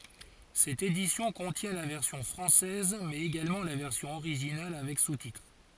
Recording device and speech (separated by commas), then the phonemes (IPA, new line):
forehead accelerometer, read sentence
sɛt edisjɔ̃ kɔ̃tjɛ̃ la vɛʁsjɔ̃ fʁɑ̃sɛz mɛz eɡalmɑ̃ la vɛʁsjɔ̃ oʁiʒinal avɛk sutitʁ